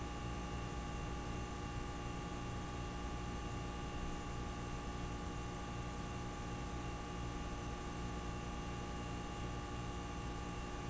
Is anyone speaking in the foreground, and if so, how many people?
No one.